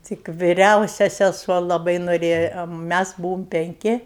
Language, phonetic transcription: Lithuanian, ˈtik viˈriausia seˈsuo laˈbai noˈrėja ˈmæs ˈbūvom penˈki

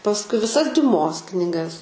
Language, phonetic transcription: Lithuanian, pasˈkui viˈsas diuˈmos kniˈgas

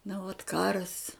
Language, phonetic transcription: Lithuanian, na vat ˈkaras

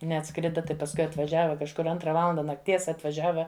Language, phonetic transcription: Lithuanian, neatˈskrida ˈtai pasˈkui atvaˈžiava kažˈkur ˈantra ˈvalanda nakˈties atvaˈžiava

